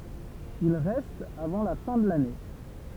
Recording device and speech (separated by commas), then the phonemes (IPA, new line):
temple vibration pickup, read sentence
il ʁɛst avɑ̃ la fɛ̃ də lane